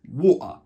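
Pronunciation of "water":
In 'water', the t sound in the middle of the word is not pronounced, which makes this a more informal way of saying it.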